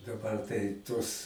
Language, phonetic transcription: Lithuanian, daˈbar tai ˈtuos

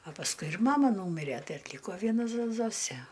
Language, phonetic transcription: Lithuanian, a pasˈkui ir ˈmama ˈnūmire ˈtai atˈlyko ˈviena zo ˈzosė

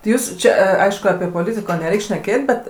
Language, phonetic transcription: Lithuanian, ti ˈjūs ˈčia a ˈaišku apie poˈlitiko neˈreik' šneˈkėt' bet

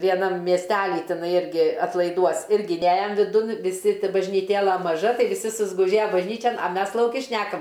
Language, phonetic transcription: Lithuanian, vieˈnam miesˈtely tiˈnai ˈirgi atlaiˈduos ˈirgi ˈnejam viˈdun viˈsi bažnyˈtėla maˈža ˈtai viˈsi susguˈžėja bažˈnyčen a ˈmes lauˈki ˈšnekam

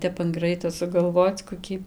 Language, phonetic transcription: Lithuanian, ˈtep an ˈgraito sugalˈvoc koˈkį

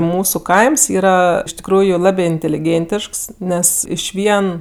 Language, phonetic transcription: Lithuanian, ˈmūsu ˈkaims ˈyra iš tikˈrųju ˈlabė inteliˈgėntišks ˈnes ˈišvien

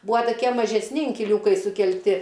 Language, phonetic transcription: Lithuanian, ˈbūa toˈkie mažesˈni inkiˈliūkai sukelˈti

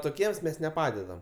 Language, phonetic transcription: Lithuanian, toˈkiems mes neˈpadedam

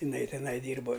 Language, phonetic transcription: Lithuanian, iˈnai tiˈnai ˈdyrbo

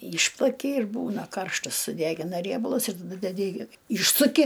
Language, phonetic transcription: Lithuanian, ˈyšplaki ir ˈbūna ˈkarštas suˈdegina ˈriebalus ir ˈnu deˈdi i ˈyšsuki

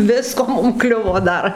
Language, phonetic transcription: Lithuanian, ˈvisko ˈmum ˈkliuvo ˈdar

